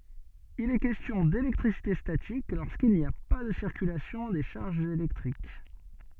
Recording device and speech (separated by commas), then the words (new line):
soft in-ear microphone, read sentence
Il est question d'électricité statique lorsqu'il n'y a pas de circulation des charges électriques.